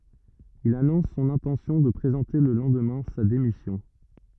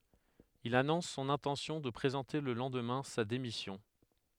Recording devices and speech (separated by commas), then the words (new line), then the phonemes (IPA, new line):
rigid in-ear microphone, headset microphone, read sentence
Il annonce son intention de présenter le lendemain sa démission.
il anɔ̃s sɔ̃n ɛ̃tɑ̃sjɔ̃ də pʁezɑ̃te lə lɑ̃dmɛ̃ sa demisjɔ̃